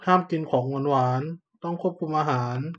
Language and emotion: Thai, neutral